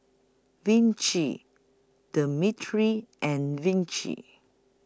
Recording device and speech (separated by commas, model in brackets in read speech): close-talking microphone (WH20), read sentence